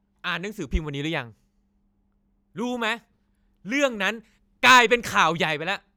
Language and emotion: Thai, angry